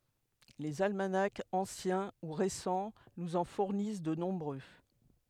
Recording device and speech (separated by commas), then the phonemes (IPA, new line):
headset microphone, read sentence
lez almanakz ɑ̃sjɛ̃ u ʁesɑ̃ nuz ɑ̃ fuʁnis də nɔ̃bʁø